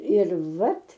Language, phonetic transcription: Lithuanian, ir ˈvat

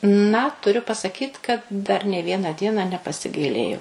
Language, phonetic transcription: Lithuanian, na tuˈriu pasaˈkyt kad dar nė ˈvieną ˈdieną nepasiˈgailėjau

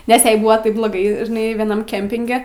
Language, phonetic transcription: Lithuanian, nes ˈjai ˈbūva ˈtaip bloˈgai žiˈnai vieˈnam ˈkempinge

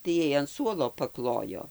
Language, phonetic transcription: Lithuanian, tai ˈjai an ˈsuolo paˈklojo

